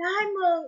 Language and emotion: Thai, happy